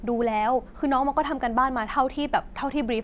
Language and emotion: Thai, frustrated